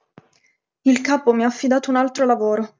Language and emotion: Italian, sad